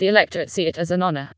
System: TTS, vocoder